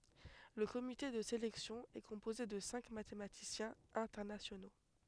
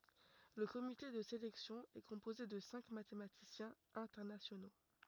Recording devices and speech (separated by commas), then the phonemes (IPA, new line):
headset microphone, rigid in-ear microphone, read sentence
lə komite də selɛksjɔ̃ ɛ kɔ̃poze də sɛ̃k matematisjɛ̃z ɛ̃tɛʁnasjono